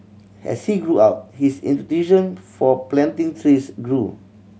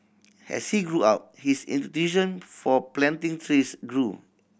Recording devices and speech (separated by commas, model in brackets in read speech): mobile phone (Samsung C7100), boundary microphone (BM630), read sentence